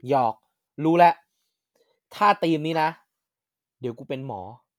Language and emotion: Thai, happy